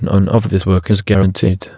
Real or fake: fake